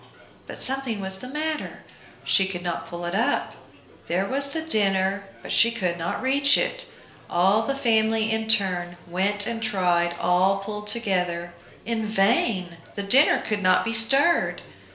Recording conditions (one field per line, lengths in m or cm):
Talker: one person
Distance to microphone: 1.0 m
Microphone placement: close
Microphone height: 1.1 m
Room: small (3.7 m by 2.7 m)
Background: babble